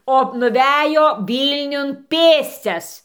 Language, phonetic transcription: Lithuanian, o nuˈvejo ˈvylniun ˈpėscias

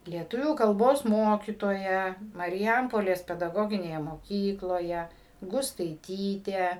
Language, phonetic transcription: Lithuanian, lieˈtuvių kalˈbos ˈmokytoja mariˈjampolės pedaˈgoginėje moˈkykloje gustaiˈtytė

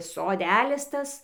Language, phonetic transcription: Lithuanian, soˈdælis ˈtas

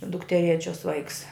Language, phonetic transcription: Lithuanian, dukteˈrėčios ˈvaiks

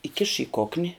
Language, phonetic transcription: Lithuanian, įˈkiš i ˈkokni

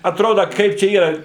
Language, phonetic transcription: Lithuanian, atˈroda ˈkaip čia ˈyra

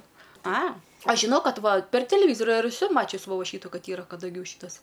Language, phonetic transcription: Lithuanian, a ˈaš ˈžinau ˈkad ˈva per teleˈvyzoriu ir eˈsu ˈmačius vo ˈšytu ˈ kad ˈyra kadaˈgių ˈšytas

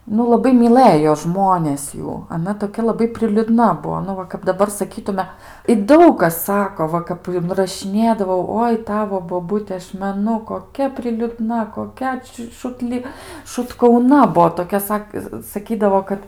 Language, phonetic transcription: Lithuanian, nu laˈbai miˈlɘjo ˈžmonės ˈjų aˈna toˈkia laˈbai priliuˈdna ˈbuo ˈnu va kap daˈbar saˈkytume i ˈdaug kas ˈsako ˈva kap inrašiˈnėdavau ˈoi ˈtavo boˈbute ˈaš meˈnu koˈkia priliuˈdna koˈkia či šutˈli šutkauˈna ˈbuo toˈkia ˈsak saˈkydavo ˈkad

